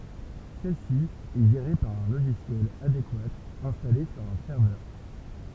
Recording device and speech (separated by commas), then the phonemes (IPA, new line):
temple vibration pickup, read sentence
sɛl si ɛ ʒeʁe paʁ œ̃ loʒisjɛl adekwa ɛ̃stale syʁ œ̃ sɛʁvœʁ